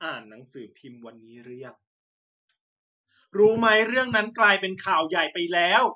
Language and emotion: Thai, angry